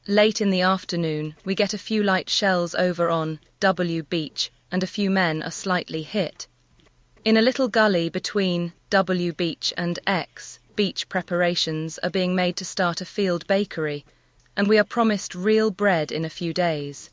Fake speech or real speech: fake